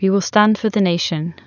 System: none